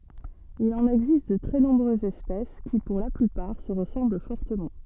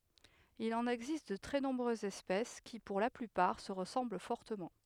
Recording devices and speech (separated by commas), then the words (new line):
soft in-ear microphone, headset microphone, read sentence
Il en existe de très nombreuses espèces, qui, pour la plupart, se ressemblent fortement.